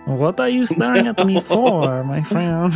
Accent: Transylvanian accent